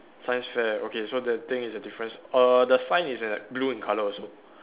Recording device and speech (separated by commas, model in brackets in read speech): telephone, conversation in separate rooms